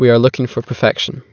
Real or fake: real